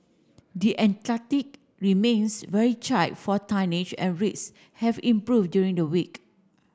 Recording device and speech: standing microphone (AKG C214), read sentence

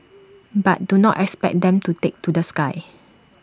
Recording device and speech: standing microphone (AKG C214), read sentence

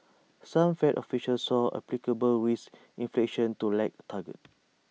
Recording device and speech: mobile phone (iPhone 6), read sentence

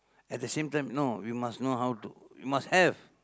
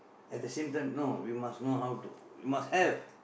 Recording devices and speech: close-talking microphone, boundary microphone, conversation in the same room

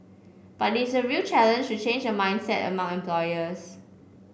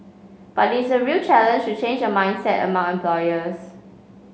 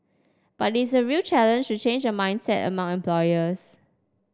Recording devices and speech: boundary microphone (BM630), mobile phone (Samsung C5), standing microphone (AKG C214), read sentence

